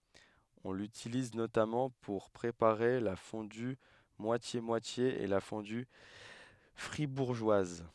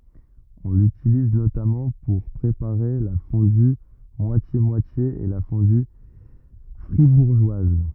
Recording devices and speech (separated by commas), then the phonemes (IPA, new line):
headset microphone, rigid in-ear microphone, read sentence
ɔ̃ lytiliz notamɑ̃ puʁ pʁepaʁe la fɔ̃dy mwasjemwatje e la fɔ̃dy fʁibuʁʒwaz